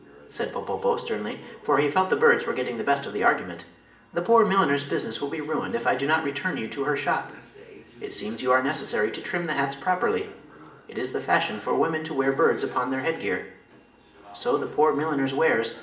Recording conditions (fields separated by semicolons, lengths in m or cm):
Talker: one person; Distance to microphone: 1.8 m; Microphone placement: close; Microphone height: 1.0 m; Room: large; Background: television